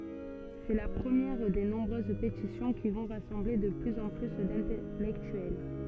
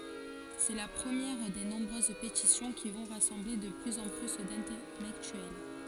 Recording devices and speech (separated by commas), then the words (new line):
soft in-ear microphone, forehead accelerometer, read sentence
C'est la première des nombreuses pétitions qui vont rassembler de plus en plus d'intellectuels.